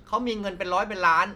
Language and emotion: Thai, frustrated